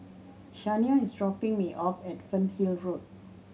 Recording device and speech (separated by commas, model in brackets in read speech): mobile phone (Samsung C7100), read sentence